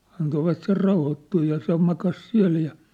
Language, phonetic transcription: Finnish, antovat ser 'rauhottuu ja se makas 'siä̭l ja ,.
- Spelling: antoivat sen rauhoittua ja se makasi siellä ja

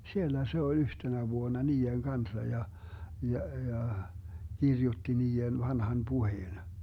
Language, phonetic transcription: Finnish, 'siellä se oĺ 'yhtenä 'vuona "nii₍eŋ 'kansa ja , 'ja 'ja , 'kirjutti 'nii₍en 'vanhan 'puheen .
- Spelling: siellä se oli yhtenä vuonna niiden kanssa ja ja ja kirjoitti niiden vanhan puheen

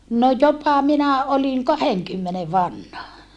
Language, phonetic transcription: Finnish, no jopa minä olin , kaheŋkymmene vanha .
- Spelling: no jopa minä olin kahdenkymmenen vanha

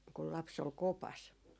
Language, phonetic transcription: Finnish, kul 'laps ‿ol "kopas .
- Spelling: kun lapsi oli kopassa

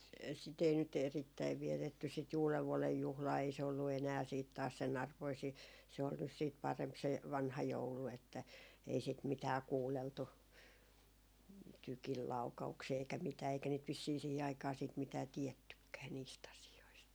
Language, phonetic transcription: Finnish, sit ‿ei nyt 'erittäiv 'vietetty sit 'uulevvuɔlej 'juhlaa ei se ollu 'enää siit taas sen ‿arvoi sii , se ol nys siit 'paremp se , "vanha "joulu että , ei sit 'mitää "kuulleltu , "tykil 'lauka₍uksii eikä mitää eikä niit vissii 'sìhi aikaa siit 'mitää "tiɛttykkää , niist ‿asi₍oist .
- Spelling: sitä ei nyt erittäin vietetty sitä uudenvuoden juhlaa ei se ollut enää sitten taas sen arvoinen siinä se oli nyt sitten parempi se vanha joulu että ei sitä mitään kuunneltu tykin laukauksia eikä mitään eikä niitä vissiin siihen aikaan sitten mitään tiedettykään niistä asioista

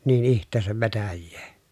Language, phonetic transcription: Finnish, niin iht̆teesäv vetäjjee .
- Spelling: niin itseensä vetäisee

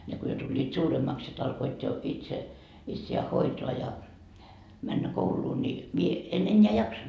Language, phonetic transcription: Finnish, ne ko jo tuĺĺiit 'suuremmaks sit alkoit jo , itse , itsi₍ää 'hoitoa ja , männä 'kouluu ni , mie , en 'enneä 'jaksonD .
- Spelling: ne kun jo tulivat suuremmaksi sitten alkoivat jo itse itseään hoitaa ja mennä kouluun niin minä en enää jaksanut

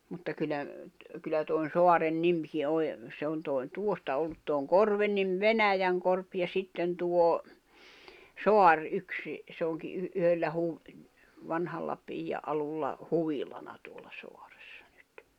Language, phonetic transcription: Finnish, mutta kyllä , kyllä toi̬n̬ "soaren "nimki oĺ , 'se on tòi̬n 'tuosta ollut tuoŋ "korven nim "Venäjäŋkorp ja 'sitten tuo , "soar '’yksi , se oŋki yh- , yhöllä huv- , 'vanhalla , -'piij̆ja’ ’alulla , 'huvilana tuolʟᴀ 'sᴏᴀᴇssᴀ ɴʏt .
- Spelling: mutta kyllä kyllä tuon saaren nimikin oli se on tuon tuosta ollut tuon korven niin Venäjänkorpi ja sitten tuo saari yksi se onkin - yhdellä - vanhalla piian alulla huvilana tuolla saaressa nyt

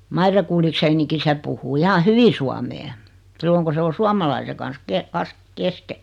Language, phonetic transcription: Finnish, 'Maire Kullikseeniki 'se puh̆huu 'iha "hyvi suamee , 'silloŋ ku 'se o "suamalaise kan̬s 'ke- , 'kas- , "keske .
- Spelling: Maire Gullichsenkin se puhuu ihan hyvin suomea silloin kun se on suomalaisen kanssa - - kesken

